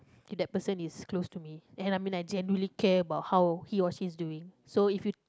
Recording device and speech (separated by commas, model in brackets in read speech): close-talking microphone, conversation in the same room